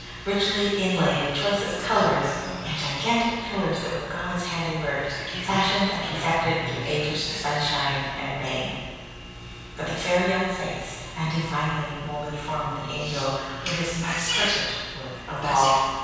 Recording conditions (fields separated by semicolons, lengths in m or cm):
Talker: one person; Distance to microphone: 7.1 m; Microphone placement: far; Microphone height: 1.7 m; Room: very reverberant, large; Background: television